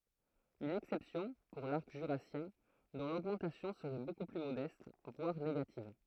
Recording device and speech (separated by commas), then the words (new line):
throat microphone, read sentence
Une exception pour l’arc jurassien, dont l'augmentation serait beaucoup plus modeste, voire négative.